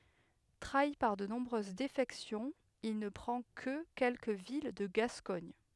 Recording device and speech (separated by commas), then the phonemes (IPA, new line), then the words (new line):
headset microphone, read sentence
tʁai paʁ də nɔ̃bʁøz defɛksjɔ̃z il nə pʁɑ̃ kə kɛlkə vil də ɡaskɔɲ
Trahi par de nombreuses défections, il ne prend que quelques villes de Gascogne.